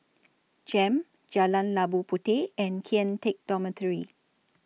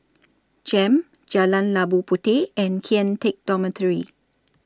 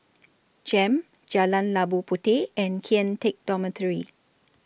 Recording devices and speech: mobile phone (iPhone 6), standing microphone (AKG C214), boundary microphone (BM630), read sentence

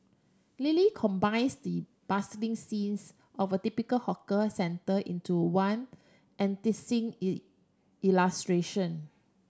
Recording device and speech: standing microphone (AKG C214), read sentence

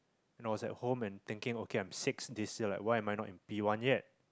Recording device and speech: close-talking microphone, conversation in the same room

